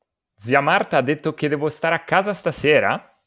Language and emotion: Italian, surprised